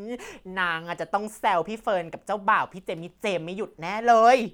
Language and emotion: Thai, happy